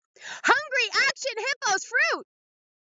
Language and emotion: English, happy